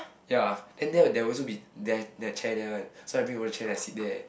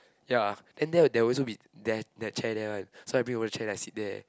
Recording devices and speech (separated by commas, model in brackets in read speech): boundary microphone, close-talking microphone, conversation in the same room